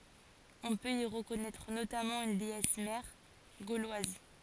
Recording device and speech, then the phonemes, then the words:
forehead accelerometer, read sentence
ɔ̃ pøt i ʁəkɔnɛtʁ notamɑ̃ yn deɛs mɛʁ ɡolwaz
On peut y reconnaître notamment une déesse mère gauloise.

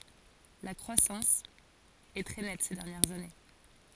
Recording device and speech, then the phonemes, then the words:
forehead accelerometer, read sentence
la kʁwasɑ̃s ɛ tʁɛ nɛt se dɛʁnjɛʁz ane
La croissance est très nette ces dernières années.

